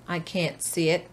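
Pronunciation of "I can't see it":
In 'can't', the t at the end isn't heard, because the next word doesn't start with a t.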